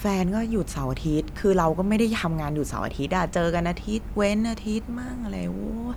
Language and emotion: Thai, frustrated